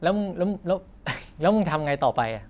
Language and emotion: Thai, neutral